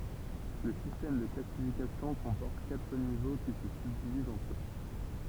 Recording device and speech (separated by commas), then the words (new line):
temple vibration pickup, read sentence
Le système de classification comporte quatre niveaux qui se subdivisent entre eux.